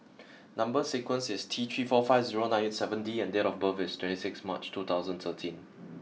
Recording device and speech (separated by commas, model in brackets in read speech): mobile phone (iPhone 6), read sentence